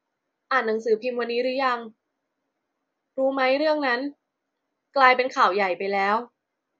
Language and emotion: Thai, frustrated